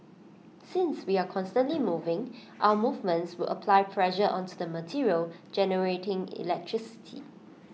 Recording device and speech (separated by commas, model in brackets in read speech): mobile phone (iPhone 6), read sentence